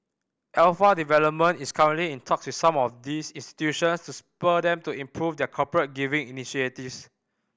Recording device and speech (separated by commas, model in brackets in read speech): boundary microphone (BM630), read sentence